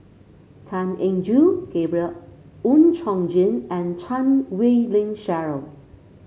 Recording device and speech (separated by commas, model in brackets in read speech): mobile phone (Samsung C5), read sentence